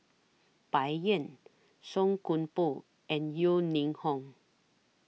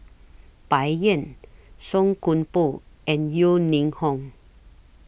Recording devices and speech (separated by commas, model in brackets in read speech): mobile phone (iPhone 6), boundary microphone (BM630), read sentence